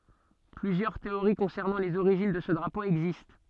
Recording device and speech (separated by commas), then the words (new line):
soft in-ear microphone, read sentence
Plusieurs théories concernant les origines de ce drapeau existent.